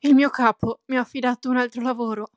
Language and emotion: Italian, fearful